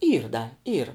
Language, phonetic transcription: Lithuanian, ˈyr da ˈyr

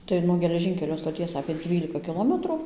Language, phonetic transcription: Lithuanian, ˈtai nuo geleˈžinkelio stoˈties apė ˈdzvylika kiˈlometru

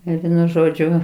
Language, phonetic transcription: Lithuanian, ˈir ˈvienu ˈžodžiu

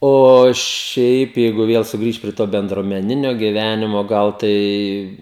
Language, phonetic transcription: Lithuanian, o ˈšiaip ˈjeigu ˈviel suˈgrįšt prie ˈto bendruomeˈninio giˈvænimo ˈgal ˈtai

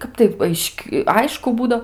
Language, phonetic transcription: Lithuanian, ˈkap tai ˈaiš'k' ˈaišku ˈbūdo

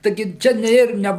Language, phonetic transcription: Lithuanian, taiˈgi ˈčia ne ˈir ˈne

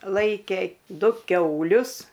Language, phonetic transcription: Lithuanian, ˈlaikė ˈdu ˈkiaulius

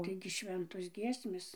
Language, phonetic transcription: Lithuanian, ˈtaigi ˈšventos ˈgiesmės

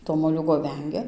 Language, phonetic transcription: Lithuanian, to moˈliūgo ˈvengia

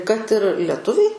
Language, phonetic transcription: Lithuanian, kad ir leˈtuviai

